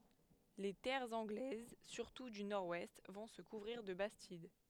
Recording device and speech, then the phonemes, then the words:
headset microphone, read sentence
le tɛʁz ɑ̃ɡlɛz syʁtu dy nɔʁ wɛst vɔ̃ sə kuvʁiʁ də bastid
Les terres anglaises, surtout du nord-ouest, vont se couvrir de bastides.

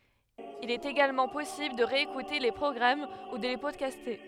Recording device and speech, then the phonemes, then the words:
headset microphone, read sentence
il ɛt eɡalmɑ̃ pɔsibl də ʁeekute le pʁɔɡʁam u də le pɔdkaste
Il est également possible de réécouter les programmes ou de les podcaster.

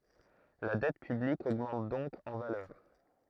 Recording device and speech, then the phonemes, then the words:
throat microphone, read sentence
la dɛt pyblik oɡmɑ̃t dɔ̃k ɑ̃ valœʁ
La dette publique augmente donc en valeur.

